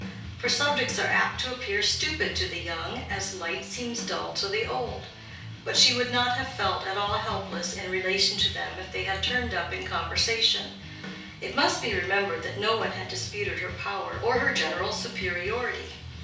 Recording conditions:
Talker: one person; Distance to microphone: 3.0 m; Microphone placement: far; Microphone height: 1.8 m; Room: small (3.7 m by 2.7 m); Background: music

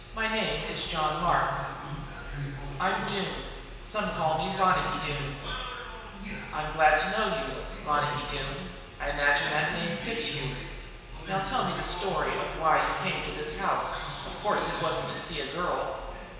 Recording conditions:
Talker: one person; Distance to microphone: 1.7 m; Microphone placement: close; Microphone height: 1.0 m; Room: very reverberant, large; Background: television

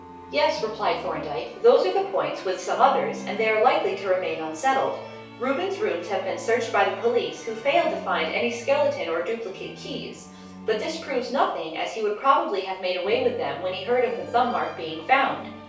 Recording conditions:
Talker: one person; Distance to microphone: 3.0 m; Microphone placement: far; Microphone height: 1.8 m; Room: small (3.7 m by 2.7 m); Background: music

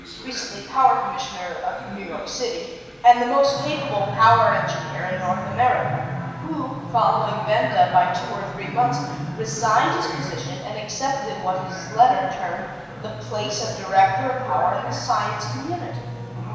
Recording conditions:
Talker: one person; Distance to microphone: 1.7 m; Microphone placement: close; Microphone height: 1.0 m; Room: very reverberant, large; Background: television

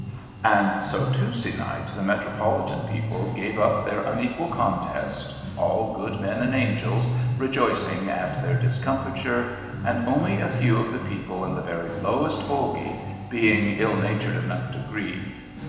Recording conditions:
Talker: one person; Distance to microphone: 1.7 m; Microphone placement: close; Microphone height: 1.0 m; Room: very reverberant, large; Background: music

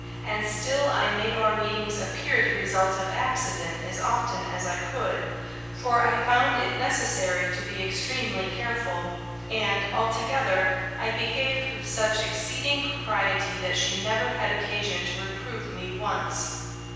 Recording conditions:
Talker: one person; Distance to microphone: 7.1 m; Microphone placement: far; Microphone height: 1.7 m; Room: very reverberant, large; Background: none

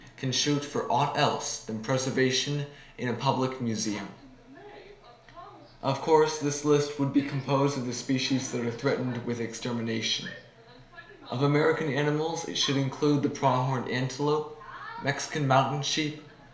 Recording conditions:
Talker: one person; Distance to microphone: 1.0 m; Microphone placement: close; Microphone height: 1.1 m; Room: small (3.7 m by 2.7 m); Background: television

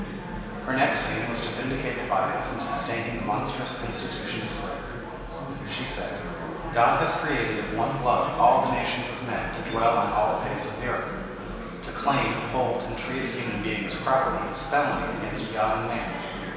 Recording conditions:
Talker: one person; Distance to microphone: 1.7 m; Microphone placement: close; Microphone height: 1.0 m; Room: very reverberant, large; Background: babble

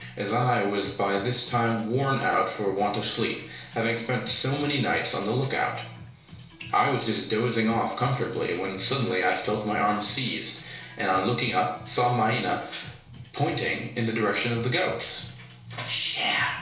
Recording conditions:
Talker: one person; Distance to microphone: 1.0 m; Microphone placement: close; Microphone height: 1.1 m; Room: small (3.7 m by 2.7 m); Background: music

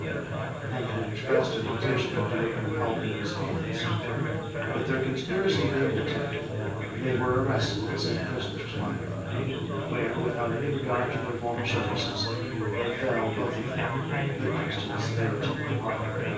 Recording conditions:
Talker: one person; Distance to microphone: 9.8 m; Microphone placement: far; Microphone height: 1.8 m; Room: large; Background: babble

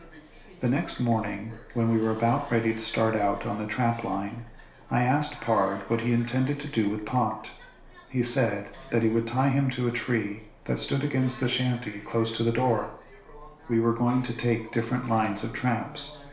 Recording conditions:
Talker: one person; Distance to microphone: 1.0 m; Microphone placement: close; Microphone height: 1.1 m; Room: small (3.7 m by 2.7 m); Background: television

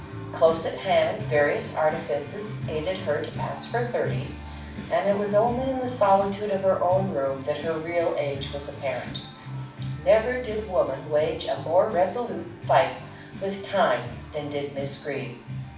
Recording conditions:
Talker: one person; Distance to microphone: 5.8 m; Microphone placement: far; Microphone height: 1.8 m; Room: medium-sized (5.7 m by 4.0 m); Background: music

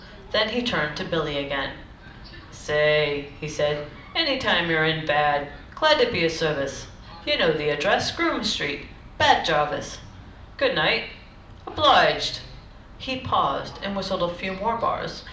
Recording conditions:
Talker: one person; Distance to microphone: 2.0 m; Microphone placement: close; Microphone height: 99 cm; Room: medium-sized (5.7 m by 4.0 m); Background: television

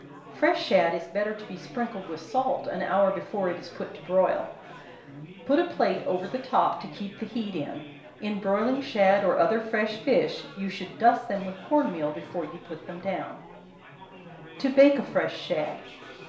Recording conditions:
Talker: one person; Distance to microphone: 1.0 m; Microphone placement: close; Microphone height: 1.1 m; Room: small (3.7 m by 2.7 m); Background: babble

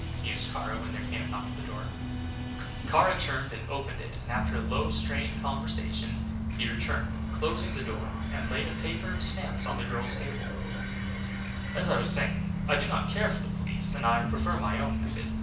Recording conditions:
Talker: one person; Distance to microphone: 5.8 m; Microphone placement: far; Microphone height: 1.8 m; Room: medium-sized (5.7 m by 4.0 m); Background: music

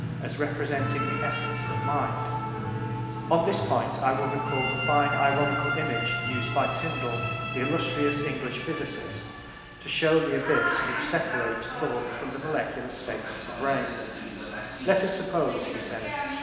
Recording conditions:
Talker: one person; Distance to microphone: 1.7 m; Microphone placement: close; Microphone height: 1.0 m; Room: very reverberant, large; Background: television

